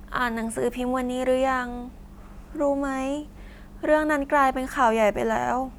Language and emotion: Thai, sad